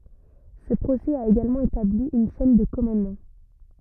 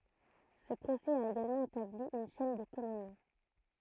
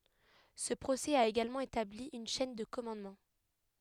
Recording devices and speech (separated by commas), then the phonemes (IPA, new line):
rigid in-ear microphone, throat microphone, headset microphone, read sentence
sə pʁosɛ a eɡalmɑ̃ etabli yn ʃɛn də kɔmɑ̃dmɑ̃